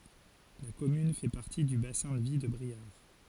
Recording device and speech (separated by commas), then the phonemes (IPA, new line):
forehead accelerometer, read sentence
la kɔmyn fɛ paʁti dy basɛ̃ də vi də bʁiaʁ